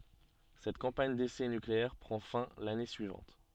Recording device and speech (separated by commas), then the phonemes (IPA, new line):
soft in-ear microphone, read sentence
sɛt kɑ̃paɲ desɛ nykleɛʁ pʁɑ̃ fɛ̃ lane syivɑ̃t